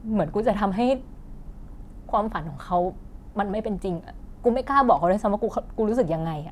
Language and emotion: Thai, sad